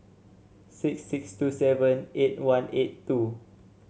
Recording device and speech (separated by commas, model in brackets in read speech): mobile phone (Samsung C7), read sentence